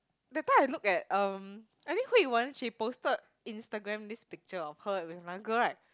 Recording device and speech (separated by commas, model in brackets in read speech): close-talking microphone, conversation in the same room